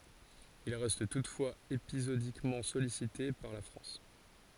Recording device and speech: forehead accelerometer, read sentence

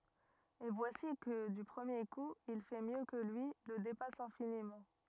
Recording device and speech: rigid in-ear microphone, read sentence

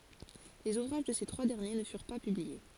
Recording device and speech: forehead accelerometer, read sentence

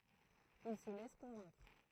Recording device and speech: throat microphone, read sentence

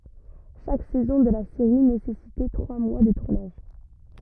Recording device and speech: rigid in-ear microphone, read sentence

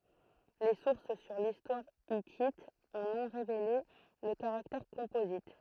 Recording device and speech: throat microphone, read sentence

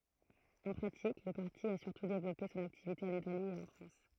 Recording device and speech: throat microphone, read sentence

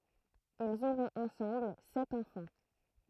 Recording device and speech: throat microphone, read sentence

